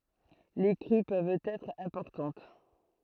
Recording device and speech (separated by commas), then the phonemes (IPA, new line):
throat microphone, read sentence
le kʁy pøvt ɛtʁ ɛ̃pɔʁtɑ̃t